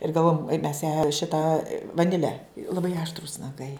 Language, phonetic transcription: Lithuanian, ir galˈvojam mes ją ˈšita vaˈnile laˈbai aštˈrūs naˈgai

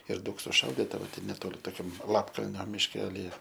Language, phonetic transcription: Lithuanian, ir ˈdaug suˈšaudita ˈva ˈten neˈtoli toˈkiam ˈlapkalnio mišˈkelije

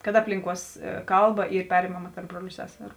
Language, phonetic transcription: Lithuanian, kad ˈaplinˌkuos ˈkalˌba ˈyr ˈperimama tarp ˈbruoliu ˈseseru

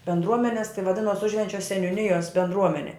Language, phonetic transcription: Lithuanian, bendˈruomenes tai vaˈdinos ˈužvenčia seniūˈnijos bendˈruomenė

